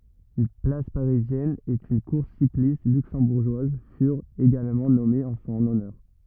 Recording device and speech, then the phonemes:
rigid in-ear microphone, read sentence
yn plas paʁizjɛn e yn kuʁs siklist lyksɑ̃buʁʒwaz fyʁt eɡalmɑ̃ nɔmez ɑ̃ sɔ̃n ɔnœʁ

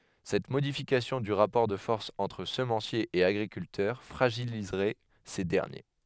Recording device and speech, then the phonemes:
headset microphone, read sentence
sɛt modifikasjɔ̃ dy ʁapɔʁ də fɔʁs ɑ̃tʁ səmɑ̃sjez e aɡʁikyltœʁ fʁaʒilizʁɛ se dɛʁnje

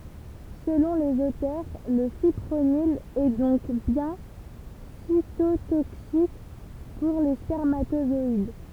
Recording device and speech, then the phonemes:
temple vibration pickup, read sentence
səlɔ̃ lez otœʁ lə fipʁonil ɛ dɔ̃k bjɛ̃ sitotoksik puʁ le spɛʁmatozɔid

